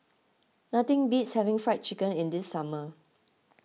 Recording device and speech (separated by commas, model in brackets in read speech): mobile phone (iPhone 6), read sentence